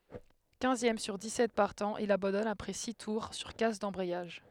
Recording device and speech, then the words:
headset microphone, read sentence
Quinzième sur dix-sept partants, il abandonne après six tours sur casse d'embrayage.

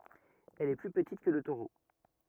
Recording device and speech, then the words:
rigid in-ear microphone, read sentence
Elle est plus petite que le taureau.

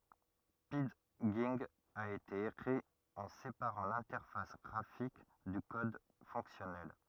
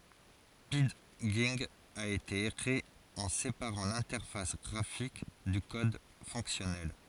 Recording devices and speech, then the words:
rigid in-ear microphone, forehead accelerometer, read sentence
Pidgin a été écrit en séparant l'interface graphique du code fonctionnel.

